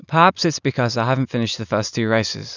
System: none